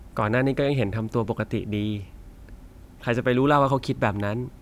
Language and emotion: Thai, frustrated